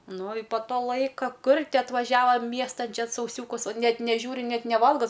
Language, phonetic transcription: Lithuanian, ˈnu i po ˈto ˈlaika ˈkur ˈti atvaˈžiava ˈmiestan ˈčia sauˈsiūkus ˈnet neˈžiūri ˈnet neˈvalga

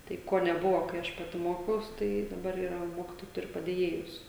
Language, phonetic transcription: Lithuanian, ˈtai ˈko neˈbuvo kai ˈaš ˈpati ˈmokiaus ˈtai daˈbar yˈra ˈmokitojai ˈturi padėˈjėjus

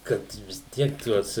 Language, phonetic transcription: Lithuanian, ˈkad vis ˈtiek ˈtuos

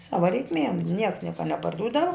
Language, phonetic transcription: Lithuanian, ˈsava reikˈmiem nieks ˈnieka neparˈdūdava

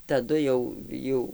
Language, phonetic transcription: Lithuanian, taˈdu jau ˈjau

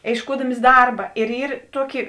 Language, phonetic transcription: Lithuanian, ėišˈkuodamis ˈdarba ir ˈyr ˈtuoki

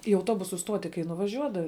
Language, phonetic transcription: Lithuanian, į auˈtobusu ˈstuoti kai nuvaˈžiuodavi

